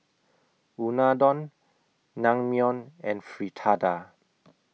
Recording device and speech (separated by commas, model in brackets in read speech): mobile phone (iPhone 6), read sentence